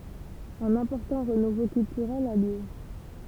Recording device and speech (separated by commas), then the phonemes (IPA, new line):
temple vibration pickup, read sentence
œ̃n ɛ̃pɔʁtɑ̃ ʁənuvo kyltyʁɛl a ljø